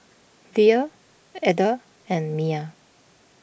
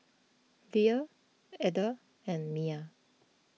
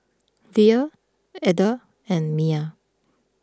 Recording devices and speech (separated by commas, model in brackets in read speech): boundary microphone (BM630), mobile phone (iPhone 6), close-talking microphone (WH20), read sentence